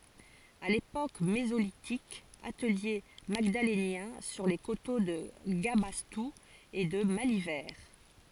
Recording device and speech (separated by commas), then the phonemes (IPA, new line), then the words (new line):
forehead accelerometer, read sentence
a lepok mezolitik atəlje maɡdalenjɛ̃ syʁ le koto də ɡabastu e də malivɛʁ
À l’époque mésolithique, atelier magdalénien sur les coteaux de Gabastou et de Malivert.